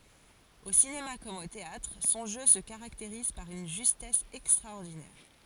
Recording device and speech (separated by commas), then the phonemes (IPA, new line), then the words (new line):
forehead accelerometer, read sentence
o sinema kɔm o teatʁ sɔ̃ ʒø sə kaʁakteʁiz paʁ yn ʒystɛs ɛkstʁaɔʁdinɛʁ
Au cinéma comme au théâtre, son jeu se caractérise par une justesse extraordinaire.